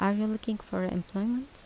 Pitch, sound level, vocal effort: 215 Hz, 78 dB SPL, soft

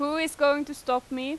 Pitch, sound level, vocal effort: 285 Hz, 92 dB SPL, loud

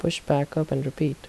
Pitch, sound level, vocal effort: 150 Hz, 73 dB SPL, soft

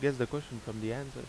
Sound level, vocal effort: 93 dB SPL, very loud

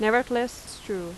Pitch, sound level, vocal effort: 220 Hz, 86 dB SPL, loud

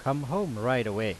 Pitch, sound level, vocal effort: 125 Hz, 90 dB SPL, loud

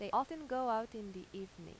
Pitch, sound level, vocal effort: 220 Hz, 91 dB SPL, normal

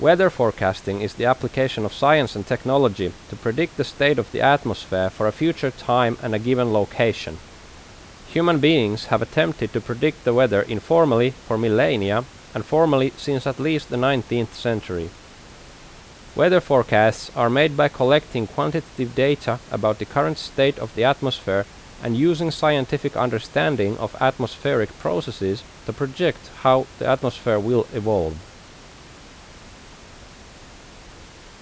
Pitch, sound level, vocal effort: 125 Hz, 85 dB SPL, loud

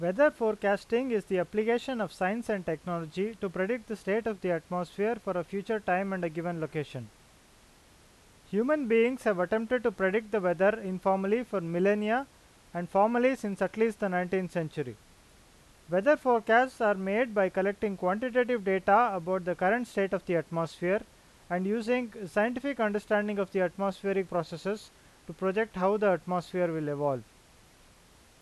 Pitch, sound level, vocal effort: 195 Hz, 91 dB SPL, loud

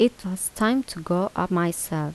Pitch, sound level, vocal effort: 185 Hz, 79 dB SPL, soft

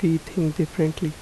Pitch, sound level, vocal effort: 160 Hz, 78 dB SPL, soft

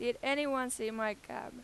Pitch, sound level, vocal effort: 245 Hz, 94 dB SPL, very loud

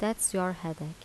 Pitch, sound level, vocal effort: 185 Hz, 80 dB SPL, soft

